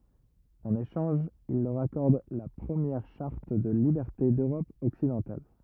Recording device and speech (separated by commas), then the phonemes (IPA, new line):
rigid in-ear microphone, read sentence
ɑ̃n eʃɑ̃ʒ il lœʁ akɔʁd la pʁəmjɛʁ ʃaʁt də libɛʁte døʁɔp ɔksidɑ̃tal